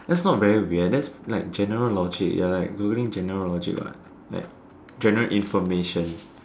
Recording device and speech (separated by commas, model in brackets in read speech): standing microphone, conversation in separate rooms